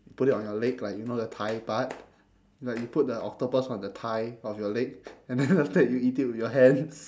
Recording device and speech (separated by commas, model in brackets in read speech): standing microphone, conversation in separate rooms